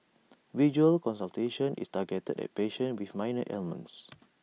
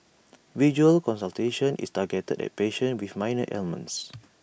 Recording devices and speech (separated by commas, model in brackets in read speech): mobile phone (iPhone 6), boundary microphone (BM630), read sentence